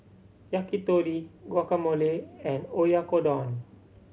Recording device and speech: mobile phone (Samsung C7100), read sentence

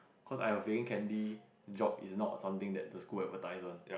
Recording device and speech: boundary microphone, conversation in the same room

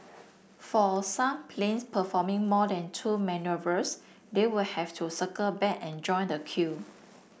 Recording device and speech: boundary microphone (BM630), read sentence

